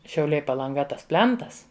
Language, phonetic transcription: Lithuanian, šiauˈliai palanˈga ˈtas ˈplentas

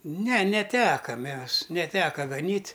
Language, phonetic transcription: Lithuanian, ne neˈteka ˈmes neˈteka gaˈnyt'

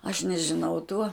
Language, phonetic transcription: Lithuanian, aš nežiˈnau tuo

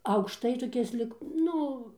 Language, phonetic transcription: Lithuanian, aukšˈtai toˈkis lyg ˈnu

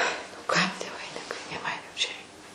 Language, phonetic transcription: Lithuanian, nu ˈkam tie vaiˈnikai nė ˈman jų čia ˈrei

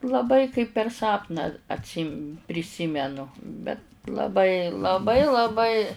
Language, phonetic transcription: Lithuanian, laˈbai kaip per ˈsapną atˈsym priˈsymenu bet laˈbai laˈbai laˈbai

